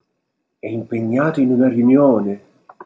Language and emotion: Italian, surprised